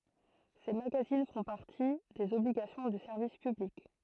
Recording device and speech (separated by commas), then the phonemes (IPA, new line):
throat microphone, read sentence
se maɡazin fɔ̃ paʁti dez ɔbliɡasjɔ̃ dy sɛʁvis pyblik